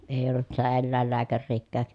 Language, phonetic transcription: Finnish, èi ollut sitä ellä̀ellääkärriikkääk .
- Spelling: ei ollut sitä eläinlääkäriäkään

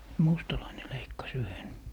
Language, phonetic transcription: Finnish, "mustalaine 'leikkas 'yhen .
- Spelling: mustalainen leikkasi yhden

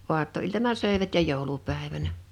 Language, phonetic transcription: Finnish, 'oatto₍iltana 'sö̀evät ja 'jòulupä̀evänä .
- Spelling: aattoiltana söivät ja joulupäivänä

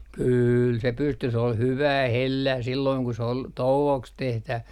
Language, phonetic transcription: Finnish, 'kyyl se 'pysty se ol "hyvää "hellää silloiŋ ku s ‿ol , 'tou₍oks 'tehtäv - .
- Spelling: kyllä se pystyi se oli hyvää hellää silloin kun se oli touoksi -

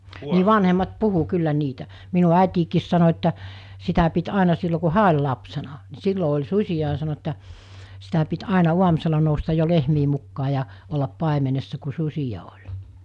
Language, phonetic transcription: Finnish, nii 'vanhemmat 'puhu 'kyllä 'niitä , minu 'àitiikiis sano että , sitä pit 'àena sillo ku "hää oĺ lapsena , ni 'sillo oĺ 'sus̜i₍a ‿a sano että , sitä pit 'àena 'uamᵘsela noustaj jo 'lehmii mukkaa ja , ollap 'pàemenessa ku 'sus̜ija oĺ .
- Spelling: niin vanhemmat puhui kyllä niitä minun äitikin sanoi että sitä piti aina silloin kun hän oli lapsena niin silloin oli susia ja sanoi että sitä piti aina aamusella nousta jo lehmien mukaan ja olla paimenessa kun susia oli

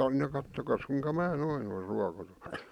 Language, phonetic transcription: Finnish, no 'kattokas kuiŋka 'mää 'noi (ole) 'ruakotoⁱ .
- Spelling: no katsokaas kuinka minä noin olen ruokoton

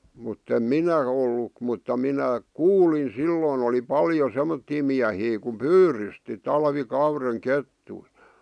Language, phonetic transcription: Finnish, muttem "minä , ollu , mutta 'minä , "kuulin 'silloon ‿oli "paljo 'semmottii miähii kum "pyyrysti , 'talvi'kaureŋ "kettui .
- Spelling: mutta en minä ollut mutta minä kuulin silloin oli paljon semmoisia miehiä kun pyydysti talvikauden kettuja

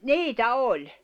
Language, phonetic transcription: Finnish, niitä 'oĺ .
- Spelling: niitä oli

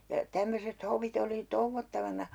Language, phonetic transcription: Finnish, ja 'tämmöset 'hovit ‿oli "touvvottavana ,.
- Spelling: ja tämmöiset hovit oli touottavana

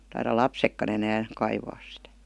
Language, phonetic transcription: Finnish, taira "lapsekka'n ‿enään̬ , 'kaivaas sⁱtä .
- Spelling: taida lapsetkaan enää kaivaa sitä

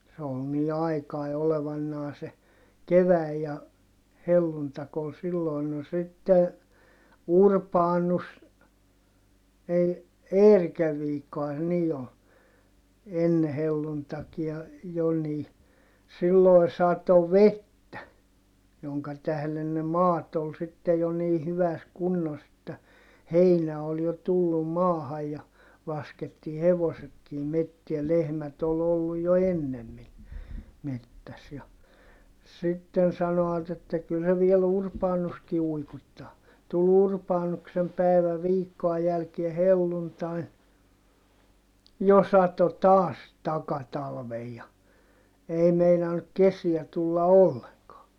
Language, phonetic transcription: Finnish, se ol nii aikai olevannaa se , kevä̀i ja , helluntak ‿ol silloin - no sitte , Urpaanus , ei , Eerikäv viikkohan se nii ol , enne helluntakia , jo nii , silloi̮ sato vettä , joŋka tählen ne maat ‿ol sitte jo nii hyväs kunnos ‿että , heinä ol jo tullum maahaj ja , laskettii hevosetkii mettiä - lehmät ‿ol ‿olluj jo ennemmin , mettäs ja , sitten sano₍at ‿että » kyl se viel ‿Urpaanuski uikuⁱttaa » , tul Urpaanuksem pä̀ivä viikkoa jälkie helluntain , jo sato taas , takatalvej ja , ei meinannuk kesiä tulla olleŋkaa .
- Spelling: se oli niin aikainen olevanaan se kevät ja helluntai oli silloin no sitten Urbanus ei Eerikän viikkohan se niin oli ennen helluntaitakin jo niin silloin satoi vettä jonka tähden ne maat oli sitten jo niin hyvässä kunnossa että heinä oli jo tullut maahan ja laskettiin hevosetkin metsään lehmät oli ollut jo ennemmin metsässä ja sitten sanoivat että kyllä se vielä Urbanuskin uikuttaa tuli Urbanuksen päivä viikkoa jälkeen helluntain jo satoi taas takatalven ja ei meinannut kesiä tulla ollenkaan

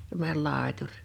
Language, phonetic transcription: Finnish, (se)mmońel 'làetuŕ .
- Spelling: semmoinen laituri

